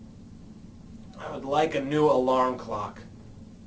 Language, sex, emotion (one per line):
English
male
angry